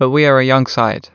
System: none